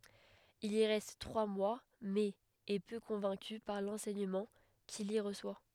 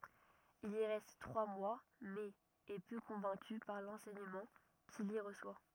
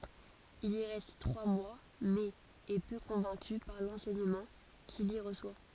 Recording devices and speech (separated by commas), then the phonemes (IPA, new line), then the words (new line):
headset microphone, rigid in-ear microphone, forehead accelerometer, read sentence
il i ʁɛst tʁwa mwa mɛz ɛ pø kɔ̃vɛ̃ky paʁ lɑ̃sɛɲəmɑ̃ kil i ʁəswa
Il y reste trois mois, mais est peu convaincu par l'enseignement qu'il y reçoit.